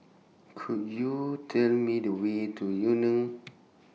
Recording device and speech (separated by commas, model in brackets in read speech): mobile phone (iPhone 6), read sentence